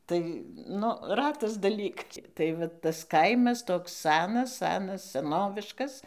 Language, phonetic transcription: Lithuanian, ˈtai ˈnu ˈratas daˈlyk tai ˈva ˈtas ˈkaimas ˈtoks ˈsanas ˈsanas seˈnoviškas

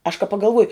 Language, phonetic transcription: Lithuanian, aš ka pagalˈvuoju

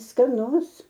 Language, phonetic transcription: Lithuanian, skaˈnus

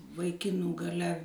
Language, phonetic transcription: Lithuanian, vaiˈkinų gaˈle

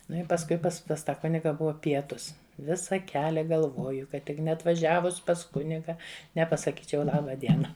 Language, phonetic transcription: Lithuanian, ˈnu i pasˈkui ˈpas pas ˈta ˈkuniga ˈbuva ˈpietus ˈvisa ˈkelia galˈvoju kad ˈtik neatvaˈžiavus pas ˈkuniga nepasaˈkyčiau ˈlaba ˈdiena

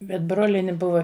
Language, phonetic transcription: Lithuanian, bet ˈbrolieni ˈbuva

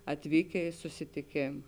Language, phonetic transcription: Lithuanian, atˈvykė i susitiˈkėm

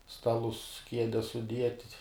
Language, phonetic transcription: Lithuanian, ˈstalus ˈkiedes suˈdiet'

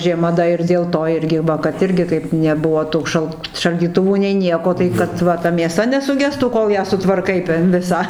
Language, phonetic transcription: Lithuanian, žieˈma da ir dėl ˈto ˈirgi ˈva kad ˈirgi kaip neˈbuvo ˈtų šal šaldyˈtuvų nei ˈnieko tai kad ˈva ta mėˈsa nesuˈgestų ˈkol ją sutvarˈkai ten ˈvisą

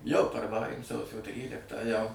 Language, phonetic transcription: Lithuanian, jau parvaˈrai ˈsausio ˈtryliktą jau

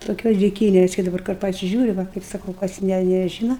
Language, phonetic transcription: Lithuanian, toˈkios diˈkynes kai daˈbar kur pasiˈžiūri ˈva kaip saˈkau kas ˈne neˈžyna

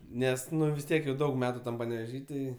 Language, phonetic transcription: Lithuanian, ˈnes vis ˈtiek jau ˈdaug ˈmetu ˈtam paneveˈžy ˈtai

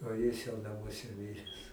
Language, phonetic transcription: Lithuanian, o ˈjis jau naˈmuose ˈmires

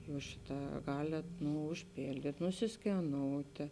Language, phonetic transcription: Lithuanian, ˈjūs ˈšiˌtā ˈgalėt ˈnu užˈpėldyt' nusiskeˈnoutė

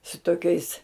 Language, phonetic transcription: Lithuanian, su toˈkiais

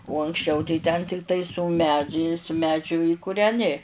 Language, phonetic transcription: Lithuanian, u anksˈčiau tai ten tikˈtai su ˈmedžiais ˈmedžiu i kureˈni

